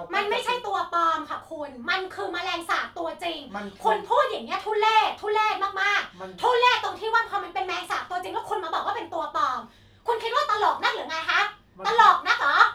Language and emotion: Thai, angry